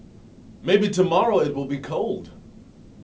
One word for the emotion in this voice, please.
happy